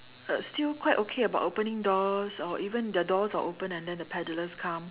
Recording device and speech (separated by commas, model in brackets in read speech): telephone, conversation in separate rooms